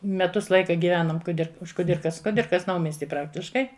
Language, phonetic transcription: Lithuanian, meˈtus ˈlaika giˈvenom kuˈdir už kuˈdirkas kuˈdirkas ˈnaumiesti ˈpraktiškai

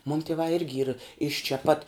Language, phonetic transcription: Lithuanian, mūn tieˈvā ˈirgi yr iš čia pat

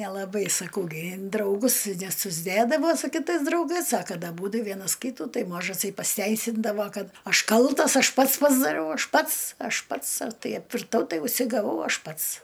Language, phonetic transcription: Lithuanian, nelaˈbai saˈkau gi in drauˈgus nesusˈdėdavo su kiˈtais draugais a ˈkad aˈbūdu ˈvienas ˈkytu ˈtai ˈmažasai pasiˈteisindavo ˈkad ˈaš ˈkaltas ˈaš ˈpats pasdaˈriau ˈaš ˈpats ˈaš ˈpats ˈtai apvirˈtau ˈtai užsigaˈvau ˈaš ˈpats

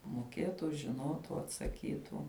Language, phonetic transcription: Lithuanian, moˈkėtu žiˈnotu atsaˈkytu

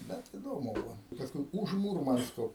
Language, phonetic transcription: Lithuanian, ˈbet iˈdomu ˈbuvo ˈpaskui už ˈmūrmansko

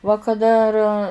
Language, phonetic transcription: Lithuanian, va kaˈda ar

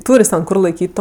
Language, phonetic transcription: Lithuanian, ˈtūr' jis ten ˈkur laiˈkyt' ˈto

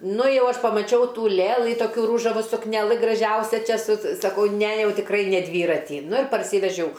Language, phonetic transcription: Lithuanian, ˈnu ˈjau ˈaš pamaˈčiau ˈtų ˈlėlɨ ˈtokiu ˈrūžavu sukneˈlɨ graˈžiausia ˈčia su saˈkau ˈne ˈjau tikˈrai ne ˈdvyratį ˈnu ir parˈsyvežiau

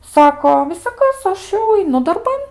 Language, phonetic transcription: Lithuanian, ˈsako visaˈkas ˈaš jau aiˈnu darˈban

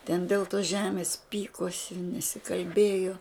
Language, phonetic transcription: Lithuanian, ten del tos ˈžemės ˈpykosi nesikalˈbėjo

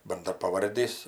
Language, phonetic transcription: Lithuanian, bandrapaˈvardys

